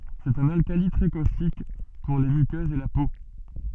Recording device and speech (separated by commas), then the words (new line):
soft in-ear microphone, read sentence
C'est un alcali très caustique, pour les muqueuses et la peau.